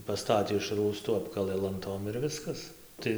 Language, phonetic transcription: Lithuanian, paˈstatė iš ˈrųstu ˈapkalɘ lanˈtom ir ˈviskas ˈtai

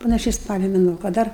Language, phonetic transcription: Lithuanian, panaˈšiai ˈspalio meˈnuo ka ˈdar

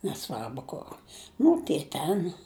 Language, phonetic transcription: Lithuanian, neˈsvarbu kur ˈnu tie ˈten

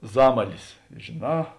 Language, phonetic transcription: Lithuanian, ˈzamalis žėˈnā

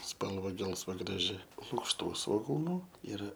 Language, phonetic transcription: Lithuanian, ˈspalva ˈgelsva graˈži lukšˈtų svoˈgūnu ˈir

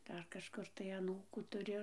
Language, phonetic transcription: Lithuanian, ˈdar kažˈkur tai aˈnūkų tuˈriu

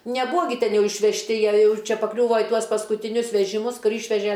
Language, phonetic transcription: Lithuanian, neˈbūa gi ˈten ˈjau išvežˈti ˈjie ˈjau ˈčia pakˈliūvo i ˈtuos paskutiˈnius vežiˈmus ˈkur ˈyšveže

